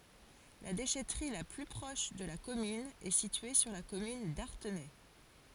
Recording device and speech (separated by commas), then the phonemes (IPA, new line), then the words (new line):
forehead accelerometer, read sentence
la deʃɛtʁi la ply pʁɔʃ də la kɔmyn ɛ sitye syʁ la kɔmyn daʁtenɛ
La déchèterie la plus proche de la commune est située sur la commune d'Artenay.